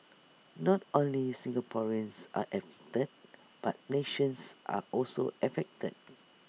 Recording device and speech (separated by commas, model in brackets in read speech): mobile phone (iPhone 6), read sentence